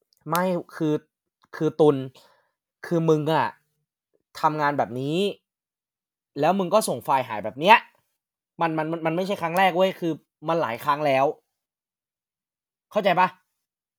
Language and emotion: Thai, frustrated